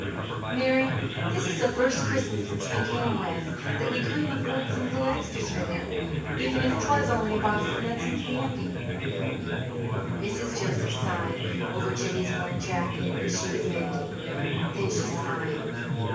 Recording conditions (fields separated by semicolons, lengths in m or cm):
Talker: one person; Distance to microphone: 9.8 m; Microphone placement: far; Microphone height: 1.8 m; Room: large; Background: babble